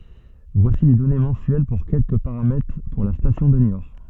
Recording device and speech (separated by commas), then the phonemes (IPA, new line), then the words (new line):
soft in-ear microphone, read sentence
vwasi le dɔne mɑ̃syɛl puʁ kɛlkə paʁamɛtʁ puʁ la stasjɔ̃ də njɔʁ
Voici les données mensuelles pour quelques paramètres pour la station de Niort.